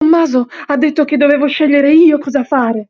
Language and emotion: Italian, fearful